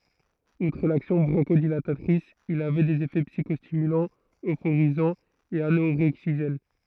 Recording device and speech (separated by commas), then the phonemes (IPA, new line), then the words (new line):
throat microphone, read sentence
utʁ laksjɔ̃ bʁɔ̃ʃodilatatʁis il avɛ dez efɛ psikɔstimylɑ̃z øfoʁizɑ̃z e anoʁɛɡziʒɛn
Outre l'action bronchodilatatrice, il avait des effets psychostimulants, euphorisants et anorexigènes.